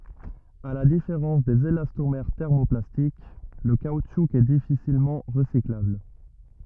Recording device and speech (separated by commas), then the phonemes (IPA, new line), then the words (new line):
rigid in-ear microphone, read sentence
a la difeʁɑ̃s dez elastomɛʁ tɛʁmoplastik lə kautʃu ɛ difisilmɑ̃ ʁəsiklabl
À la différence des élastomères thermoplastiques, le caoutchouc est difficilement recyclable.